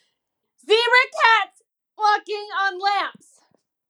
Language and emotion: English, disgusted